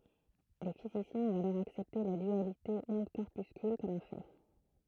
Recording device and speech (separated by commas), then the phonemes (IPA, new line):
throat microphone, read sentence
le fizisjɛ̃z ɔ̃t alɔʁ aksɛpte la dyalite ɔ̃dkɔʁpyskyl kɔm œ̃ fɛ